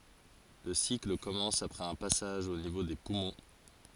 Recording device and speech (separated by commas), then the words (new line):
forehead accelerometer, read sentence
Le cycle commence après un passage au niveau des poumons.